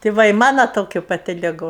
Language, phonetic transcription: Lithuanian, tė ˈva i ˈmano ˈtokiu paˈti liˈgu

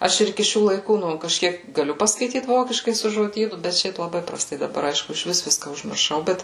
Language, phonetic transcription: Lithuanian, ˈaš ir iˈki ˈšių laiˈkų ˈnu kažˈkiek gaˈliu paskaiˈtyt ˈvokiškai su žoˈdynu bet ˈšiaip laˈbai praˈstai daˈbar ˈaišku išˈvis ˈviska užmirˈšau ˈbet

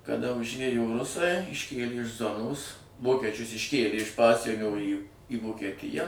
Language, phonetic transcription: Lithuanian, kaˈda užˈėjo ˈrusai išˈkėli iš ˈzonos ˈvokečius išˈkėlė iš ˈpasienio į į vokeˈtija

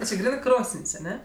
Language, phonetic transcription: Lithuanian, o ˈči ˈgrynɜ ˈkrosən's' aˈne

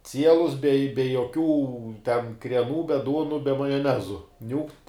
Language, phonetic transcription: Lithuanian, ˈcielus be be joˈkių ten krieˈnų be ˈduonu be majoˈnezu ˈniūkt

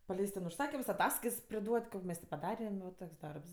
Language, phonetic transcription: Lithuanian, paˈleist ten užˈsakims aˈtaskaits priˈduot' ˈko mes ti paˈdarem va ˈtoks ˈdarbs

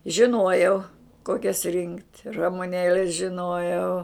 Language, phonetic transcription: Lithuanian, žiˈnuojau ˈkokias rinkt' ramuˈnėles žiˈnojau

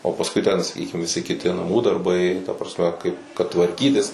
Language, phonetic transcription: Lithuanian, o pasˈkui ten saˈkykim viˈsi kiˈti naˈmų darˈbai ta prasˈme kaip kad tvarˈkytis

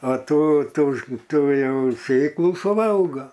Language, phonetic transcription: Lithuanian, a ˈtų ˈtų ˈtų ˈjau ˈsėklų suˈvalga

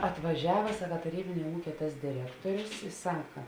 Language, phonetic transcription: Lithuanian, atvaˈžiava ˈsaka taˈrybinė ˈūkė tas diˈrektorius i ˈsaka

